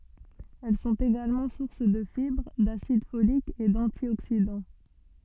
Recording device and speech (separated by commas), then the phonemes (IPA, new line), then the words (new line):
soft in-ear microphone, read sentence
ɛl sɔ̃t eɡalmɑ̃ suʁs də fibʁ dasid folik e dɑ̃tjoksidɑ̃
Elles sont également sources de fibres, d'acide folique et d'antioxydants.